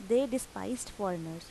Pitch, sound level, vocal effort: 200 Hz, 84 dB SPL, normal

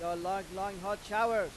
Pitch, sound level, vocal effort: 195 Hz, 100 dB SPL, very loud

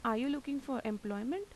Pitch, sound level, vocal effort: 260 Hz, 85 dB SPL, normal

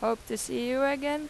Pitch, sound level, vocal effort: 270 Hz, 90 dB SPL, loud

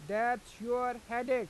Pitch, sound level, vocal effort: 240 Hz, 96 dB SPL, loud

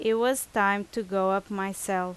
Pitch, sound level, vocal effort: 200 Hz, 87 dB SPL, loud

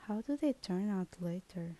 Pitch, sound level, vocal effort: 190 Hz, 74 dB SPL, soft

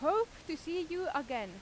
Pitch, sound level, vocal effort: 325 Hz, 93 dB SPL, very loud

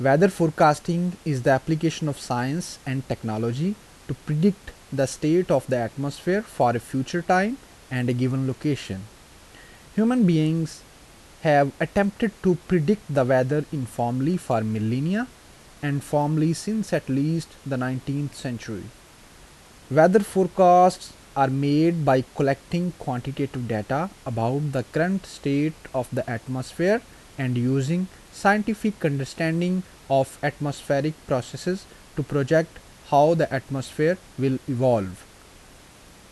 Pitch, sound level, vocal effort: 145 Hz, 82 dB SPL, normal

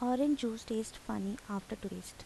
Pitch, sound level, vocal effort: 225 Hz, 78 dB SPL, soft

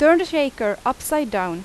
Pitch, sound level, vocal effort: 270 Hz, 90 dB SPL, very loud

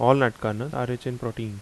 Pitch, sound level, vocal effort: 125 Hz, 81 dB SPL, normal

